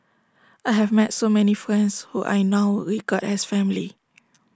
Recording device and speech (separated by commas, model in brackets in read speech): standing microphone (AKG C214), read sentence